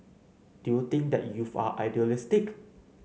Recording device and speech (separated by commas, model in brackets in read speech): mobile phone (Samsung C9), read sentence